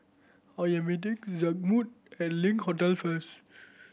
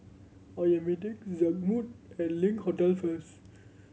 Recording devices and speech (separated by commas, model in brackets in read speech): boundary microphone (BM630), mobile phone (Samsung C7100), read sentence